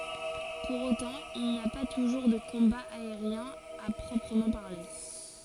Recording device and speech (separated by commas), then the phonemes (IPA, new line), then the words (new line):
forehead accelerometer, read sentence
puʁ otɑ̃ il ni a pa tuʒuʁ də kɔ̃baz aeʁjɛ̃z a pʁɔpʁəmɑ̃ paʁle
Pour autant, il n'y a pas toujours de combats aériens à proprement parler.